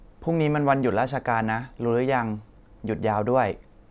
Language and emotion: Thai, neutral